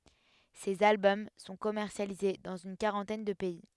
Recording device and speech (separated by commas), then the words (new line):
headset microphone, read sentence
Ses albums sont commercialisés dans une quarantaine de pays.